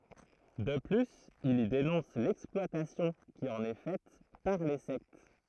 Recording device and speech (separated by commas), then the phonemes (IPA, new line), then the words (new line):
throat microphone, read sentence
də plyz il i denɔ̃s lɛksplwatasjɔ̃ ki ɑ̃n ɛ fɛt paʁ le sɛkt
De plus il y dénonce l'exploitation qui en est faite par les sectes.